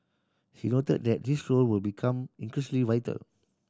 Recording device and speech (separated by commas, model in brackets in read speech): standing microphone (AKG C214), read sentence